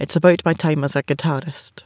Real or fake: real